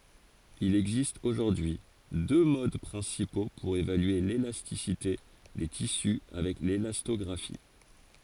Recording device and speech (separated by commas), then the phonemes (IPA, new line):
forehead accelerometer, read sentence
il ɛɡzist oʒuʁdyi y dø mod pʁɛ̃sipo puʁ evalye lelastisite de tisy avɛk lelastɔɡʁafi